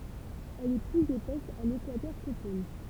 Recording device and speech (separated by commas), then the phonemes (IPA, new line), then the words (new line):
temple vibration pickup, read sentence
ɛl ɛ plyz epɛs a lekwatœʁ ko pol
Elle est plus épaisse à l'équateur qu'aux pôles.